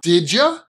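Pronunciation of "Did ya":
'Did you' is said so that it sounds like 'did ya'.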